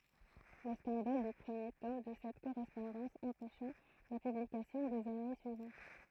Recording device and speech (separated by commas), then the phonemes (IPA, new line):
throat microphone, read sentence
lə skɑ̃dal dy pʁəmje tɔm də sɛt koʁɛspɔ̃dɑ̃s ɑ̃pɛʃa la pyblikasjɔ̃ dez ane syivɑ̃t